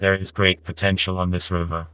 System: TTS, vocoder